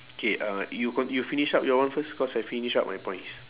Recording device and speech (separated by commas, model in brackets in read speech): telephone, conversation in separate rooms